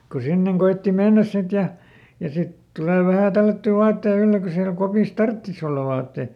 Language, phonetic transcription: Finnish, ku ˈsinneŋ koitti "mennäs ˈsit ja , ja ˈsit "tulè ˈvähä̀ ˈtällätty ˈvaattei ˈylle ko siälᵃ̈ ˈkopìs "tarttis ‿olla ˈvaatteⁱ .
- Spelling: kun sinne koetti mennä sitten ja ja sitten tulee vähän tällättyä vaatteita ylle kun siellä kopissa tarvitsisi olla vaatteita

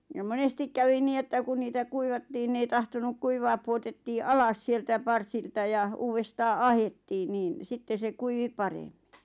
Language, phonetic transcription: Finnish, ja 'monestik kävi 'nii että kun 'niitä "kuivattiin n ‿ei tahtonuk 'kuivaa puotettii "alas 'sieltä 'parsilta ja , 'uuvestaa "ahettiin 'niin , 'sitte se 'kuivi "pareᴍᴍɪ .
- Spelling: ja monesti kävi niin että kun niitä kuivattiin ne ei tahtonut kuivaa pudotettiin alas sieltä parsilta ja uudestaan ahdettiin niin sitten se kuivui paremmin

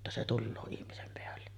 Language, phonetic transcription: Finnish, (et)tä se "tulloo 'ihmisem peälle .
- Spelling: että se tulee ihmisen päälle

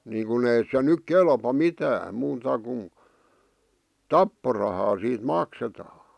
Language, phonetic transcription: Finnish, niiŋkun ‿ei se 'nyk 'kelpa "mitääm muuta kun , "tapporahaa siit 'maksetaa .
- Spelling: niin kuin ei se nyt kelpaa mitään muuta kuin tapporahaa siitä maksetaan

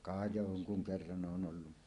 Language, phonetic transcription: Finnish, ka 'joŋkuŋ 'kerran ˀoon ˀollu .
- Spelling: ka jonkun kerran olen ollut

